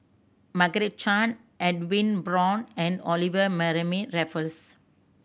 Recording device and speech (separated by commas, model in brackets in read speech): boundary microphone (BM630), read sentence